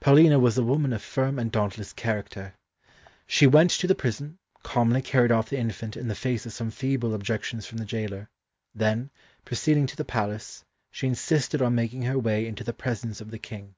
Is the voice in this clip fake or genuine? genuine